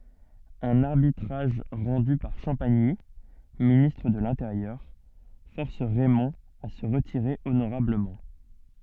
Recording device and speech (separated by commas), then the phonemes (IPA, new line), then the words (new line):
soft in-ear microphone, read sentence
œ̃n aʁbitʁaʒ ʁɑ̃dy paʁ ʃɑ̃paɲi ministʁ də lɛ̃teʁjœʁ fɔʁs ʁɛmɔ̃ a sə ʁətiʁe onoʁabləmɑ̃
Un arbitrage rendu par Champagny, ministre de l'Intérieur, force Raymond à se retirer honorablement.